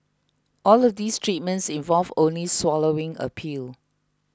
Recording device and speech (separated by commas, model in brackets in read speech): close-talking microphone (WH20), read sentence